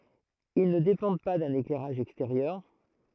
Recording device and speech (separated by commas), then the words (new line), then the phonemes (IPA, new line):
throat microphone, read sentence
Ils ne dépendent pas d'un éclairage extérieur.
il nə depɑ̃d pa dœ̃n eklɛʁaʒ ɛksteʁjœʁ